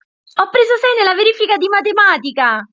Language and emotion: Italian, happy